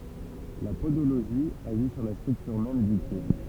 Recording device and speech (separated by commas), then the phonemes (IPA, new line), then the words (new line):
temple vibration pickup, read sentence
la podoloʒi aʒi syʁ la stʁyktyʁ mɛm dy pje
La podologie agit sur la structure même du pied.